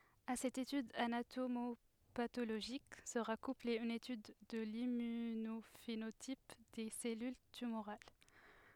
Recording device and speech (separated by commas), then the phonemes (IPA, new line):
headset microphone, read sentence
a sɛt etyd anatomopatoloʒik səʁa kuple yn etyd də limmynofenotip de sɛlyl tymoʁal